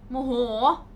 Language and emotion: Thai, angry